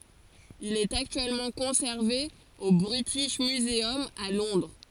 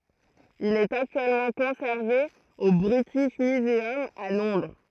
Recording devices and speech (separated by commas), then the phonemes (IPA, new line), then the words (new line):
forehead accelerometer, throat microphone, read sentence
il ɛt aktyɛlmɑ̃ kɔ̃sɛʁve o bʁitiʃ myzœm a lɔ̃dʁ
Il est actuellement conservé au British Museum, à Londres.